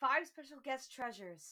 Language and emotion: English, angry